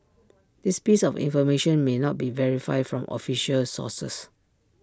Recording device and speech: standing microphone (AKG C214), read sentence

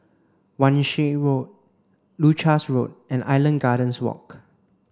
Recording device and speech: standing microphone (AKG C214), read sentence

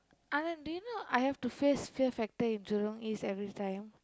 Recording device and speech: close-talking microphone, conversation in the same room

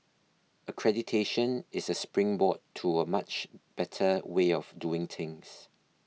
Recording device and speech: mobile phone (iPhone 6), read sentence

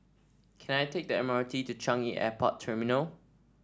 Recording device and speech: standing microphone (AKG C214), read sentence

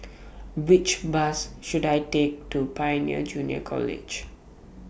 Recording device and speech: boundary microphone (BM630), read sentence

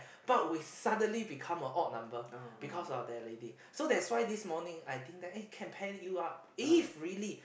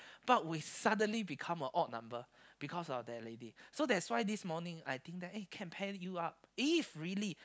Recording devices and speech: boundary microphone, close-talking microphone, conversation in the same room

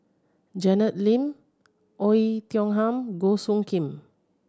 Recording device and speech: standing microphone (AKG C214), read sentence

